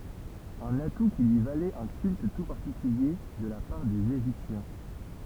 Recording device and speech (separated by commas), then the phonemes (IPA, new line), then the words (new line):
temple vibration pickup, read sentence
œ̃n atu ki lyi valɛt œ̃ kylt tu paʁtikylje də la paʁ dez eʒiptjɛ̃
Un atout qui lui valait un culte tout particulier de la part des Égyptiens.